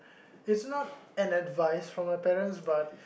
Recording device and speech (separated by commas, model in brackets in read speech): boundary microphone, conversation in the same room